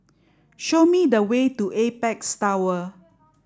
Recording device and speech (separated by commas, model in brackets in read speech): standing microphone (AKG C214), read sentence